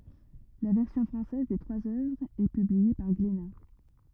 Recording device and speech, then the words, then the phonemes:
rigid in-ear microphone, read sentence
La version française des trois œuvres est publiée par Glénat.
la vɛʁsjɔ̃ fʁɑ̃sɛz de tʁwaz œvʁz ɛ pyblie paʁ ɡlena

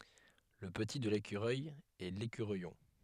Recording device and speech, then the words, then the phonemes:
headset microphone, read sentence
Le petit de l'écureuil est l'écureuillon.
lə pəti də lekyʁœj ɛ lekyʁœjɔ̃

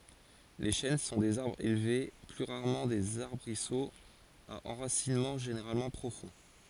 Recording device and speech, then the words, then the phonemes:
forehead accelerometer, read sentence
Les chênes sont des arbres élevés, plus rarement des arbrisseaux, à enracinement généralement profond.
le ʃɛn sɔ̃ dez aʁbʁz elve ply ʁaʁmɑ̃ dez aʁbʁisoz a ɑ̃ʁasinmɑ̃ ʒeneʁalmɑ̃ pʁofɔ̃

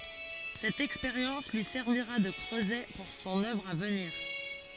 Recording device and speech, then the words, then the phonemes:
forehead accelerometer, read sentence
Cette expérience lui servira de creuset pour son œuvre à venir.
sɛt ɛkspeʁjɑ̃s lyi sɛʁviʁa də kʁøzɛ puʁ sɔ̃n œvʁ a vəniʁ

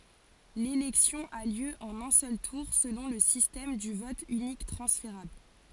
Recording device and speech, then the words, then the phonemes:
forehead accelerometer, read sentence
L'élection a lieu en un seul tour selon le système du vote unique transférable.
lelɛksjɔ̃ a ljø ɑ̃n œ̃ sœl tuʁ səlɔ̃ lə sistɛm dy vɔt ynik tʁɑ̃sfeʁabl

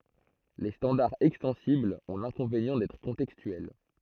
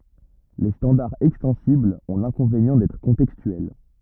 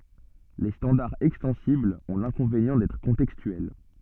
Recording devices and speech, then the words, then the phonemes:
throat microphone, rigid in-ear microphone, soft in-ear microphone, read sentence
Les standards extensibles ont l'inconvénient d'être contextuels.
le stɑ̃daʁz ɛkstɑ̃siblz ɔ̃ lɛ̃kɔ̃venjɑ̃ dɛtʁ kɔ̃tɛkstyɛl

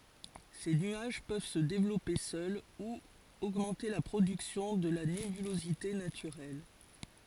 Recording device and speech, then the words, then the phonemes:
forehead accelerometer, read sentence
Ces nuages peuvent se développer seuls ou augmenter la production de la nébulosité naturelle.
se nyaʒ pøv sə devlɔpe sœl u oɡmɑ̃te la pʁodyksjɔ̃ də la nebylozite natyʁɛl

